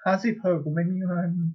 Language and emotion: Thai, sad